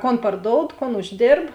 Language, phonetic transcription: Lithuanian, ˈkon parˈdoud ˈkon užˈdėrb

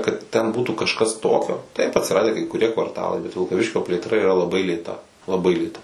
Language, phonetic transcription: Lithuanian, kad ten būtų kažˈkas ˈtokio taip atsiˈradę kai kuˈrie kvarˈtalai bet vilkaˈviškio plėtˈra yra laˈbai lėˈta laˈbai lėˈta

